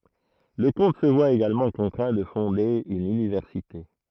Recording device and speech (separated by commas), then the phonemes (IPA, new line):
throat microphone, read sentence
lə kɔ̃t sə vwa eɡalmɑ̃ kɔ̃tʁɛ̃ də fɔ̃de yn ynivɛʁsite